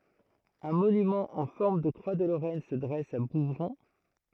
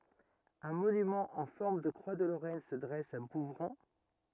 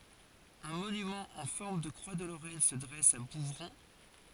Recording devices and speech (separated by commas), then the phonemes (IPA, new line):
throat microphone, rigid in-ear microphone, forehead accelerometer, read sentence
œ̃ monymɑ̃ ɑ̃ fɔʁm də kʁwa də loʁɛn sə dʁɛs a buvʁɔ̃